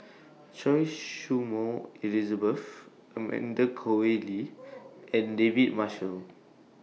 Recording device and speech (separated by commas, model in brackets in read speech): mobile phone (iPhone 6), read sentence